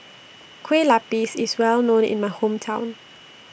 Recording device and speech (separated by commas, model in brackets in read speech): boundary microphone (BM630), read sentence